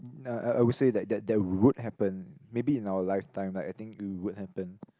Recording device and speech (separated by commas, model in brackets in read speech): close-talking microphone, conversation in the same room